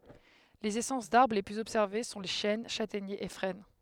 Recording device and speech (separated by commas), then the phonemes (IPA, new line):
headset microphone, read sentence
lez esɑ̃s daʁbʁ le plyz ɔbsɛʁve sɔ̃ le ʃɛn ʃatɛɲez e fʁɛn